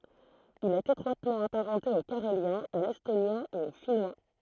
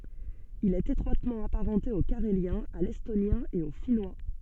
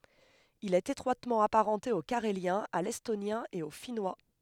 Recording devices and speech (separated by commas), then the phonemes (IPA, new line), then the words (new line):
throat microphone, soft in-ear microphone, headset microphone, read sentence
il ɛt etʁwatmɑ̃ apaʁɑ̃te o kaʁeljɛ̃ a lɛstonjɛ̃ e o finwa
Il est étroitement apparenté au carélien, à l'estonien et au finnois.